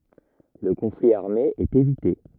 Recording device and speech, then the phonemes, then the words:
rigid in-ear microphone, read sentence
lə kɔ̃fli aʁme ɛt evite
Le conflit armé est évité.

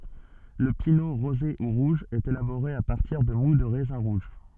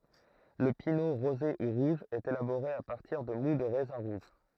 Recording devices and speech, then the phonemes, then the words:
soft in-ear microphone, throat microphone, read sentence
lə pino ʁoze u ʁuʒ ɛt elaboʁe a paʁtiʁ də mu də ʁɛzɛ̃ ʁuʒ
Le pineau rosé ou rouge est élaboré à partir de moût de raisins rouges.

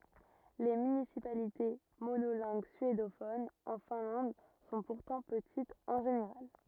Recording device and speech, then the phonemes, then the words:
rigid in-ear microphone, read sentence
le mynisipalite monolɛ̃ɡ syedofonz ɑ̃ fɛ̃lɑ̃d sɔ̃ puʁtɑ̃ pətitz ɑ̃ ʒeneʁal
Les municipalités monolingues suédophones en Finlande sont pourtant petites en général.

